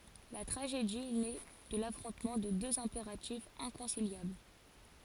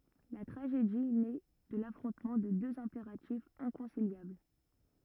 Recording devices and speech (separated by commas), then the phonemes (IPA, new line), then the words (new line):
forehead accelerometer, rigid in-ear microphone, read sentence
la tʁaʒedi nɛ də lafʁɔ̃tmɑ̃ də døz ɛ̃peʁatifz ɛ̃kɔ̃siljabl
La tragédie naît de l’affrontement de deux impératifs inconciliables.